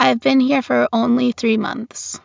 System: none